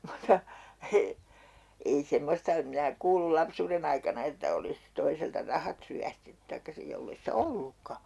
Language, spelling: Finnish, mutta - ei semmoista en minä kuullut lapsuuden aikana että olisi toiselta rahat ryöstetty tai sitten jos ei sitä ollutkaan
- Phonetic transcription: mutta , e- , ei 'semmosta em minä 'kuulul 'lapsuuren ‿aikana että 'olis , 'toiselta "rahat ryästetty taikka 'sij 'jollei sⁱtä "ollukka .

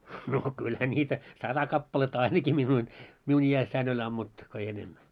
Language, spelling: Finnish, no kyllähän niitä sata kappaletta ainakin minun minun iässäni oli ammuttu kun ei enemmän
- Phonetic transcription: no 'kylhä ńiitä , 'sata kappaletta 'ainakii 'min̳§un , 'miun i₍ässäin oĺ ammuttu , ko ei 'enemmä .

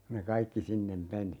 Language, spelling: Finnish, kun ne kaikki sinne meni
- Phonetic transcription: ku ne "kaikki 'sinnem 'meni .

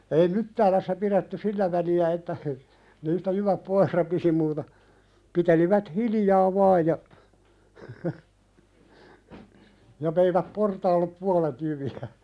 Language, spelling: Finnish, ei Myttäälässä pidetty sillä väliä että niistä jyvät pois rapisi mutta pitelivät hiljaa vain ja ja veivät portaalle puolet jyviä
- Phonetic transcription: ei 'Myttäälässä piðetty "sillä väli₍ä että , niistä 'jyväp "poih rapisi muuta , 'pitelivät "hilijaa vaaj ja , ja 'veiväp "portaallep 'pualet jyvi₍ä .

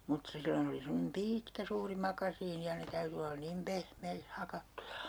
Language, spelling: Finnish, mutta silloin oli semmoinen pitkä suuri makasiini ja ne täytyi olla niin pehmeiksi hakattuja
- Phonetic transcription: mut 'sillon ‿oli semmonem "piitkä 'suuri 'makasiini ja 'ne täyty olla 'nim "pehmeikh 'hakattuja .

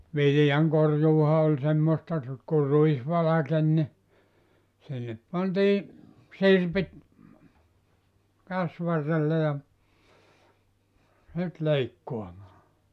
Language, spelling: Finnish, viljankorjuuhan oli semmoista - kun ruis valkeni niin sinne pantiin sirpit käsivarrelle ja sitten leikkaamaan
- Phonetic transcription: 'vilⁱjaŋkorjuuha oĺ 'semmosta r- ku 'ruis 'valaken ni , sinnep 'pantii , "sirpit , 'käsvarrelle ja , 'sit "leikkoamaa .

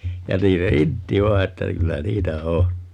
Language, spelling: Finnish, ja niin se intti vain että kyllä niitä on
- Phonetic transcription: ja 'niin se "intti 'vai̮ että 'kyllä "niitä 'o .

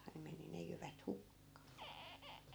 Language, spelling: Finnish, ne meni ne jyvät hukkaan
- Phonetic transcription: 'ne meni 'ne jyvät 'hukkaa .

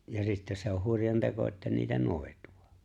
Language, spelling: Finnish, ja sitten se on hurjan teko että niitä noituu
- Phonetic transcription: ja 'sittä se on 'huŕjan teko että niitä "nòetᴜ₍ᴀ .

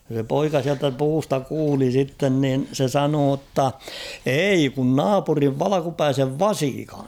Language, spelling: Finnish, se poika sieltä puusta kuuli sitten niin se sanoi jotta ei kun naapurin valkeapäisen vasikan
- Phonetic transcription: se 'poika siältä 'puusta ''kuuli 'sitten niin̳ se "sanoo ‿tta , » "ei kun "naapuriv "valakupäisev "vasikaɴ̬ « .

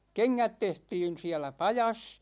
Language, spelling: Finnish, kengät tehtiin siellä pajassa
- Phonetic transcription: 'keŋŋät 'tehtiin̬ 'siälä "pajas .

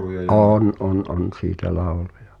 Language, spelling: Finnish, on on on siitä lauluja
- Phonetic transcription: ’oon on on̬ 'siitä "làulujᴀ .

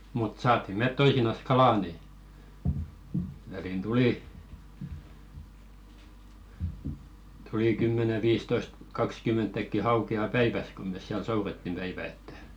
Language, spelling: Finnish, mutta saatiin me toisinaan kalaa niin väliin tuli tuli kymmenen viisitoista kaksikymmentäkin haukea päivässä kun me siellä soudettiin päivä että
- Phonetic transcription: mut 'saat̆ti met 'toisinas "kalà ni , välìn 'tulì , tulì 'kymmäne viistoist , 'kaks"kymmentäkki 'hauke̳₍a̳§ "päiväs kom mes siäl 'sourettim 'päivä ettᴀ̈ .

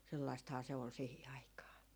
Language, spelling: Finnish, sellaistahan se oli siihen aikaan
- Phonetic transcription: sellaistahaa se ol 'sihi 'aikaa .

